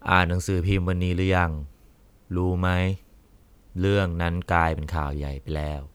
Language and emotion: Thai, frustrated